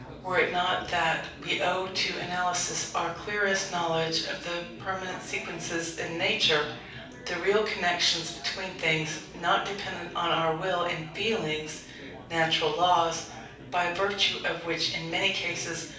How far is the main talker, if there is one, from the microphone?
5.8 m.